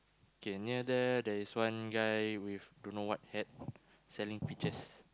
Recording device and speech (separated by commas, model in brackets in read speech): close-talking microphone, conversation in the same room